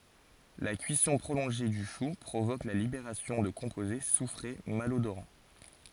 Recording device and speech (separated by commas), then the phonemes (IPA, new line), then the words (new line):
forehead accelerometer, read sentence
la kyisɔ̃ pʁolɔ̃ʒe dy ʃu pʁovok la libeʁasjɔ̃ də kɔ̃poze sufʁe malodoʁɑ̃
La cuisson prolongée du chou provoque la libération de composés soufrés malodorants.